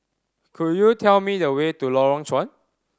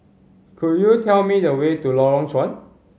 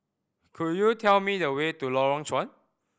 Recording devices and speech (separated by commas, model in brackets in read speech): standing microphone (AKG C214), mobile phone (Samsung C5010), boundary microphone (BM630), read sentence